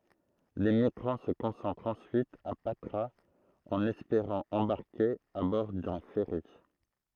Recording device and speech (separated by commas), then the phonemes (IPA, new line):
throat microphone, read sentence
le miɡʁɑ̃ sə kɔ̃sɑ̃tʁt ɑ̃syit a patʁaz ɑ̃n ɛspeʁɑ̃ ɑ̃baʁke a bɔʁ dœ̃ fɛʁi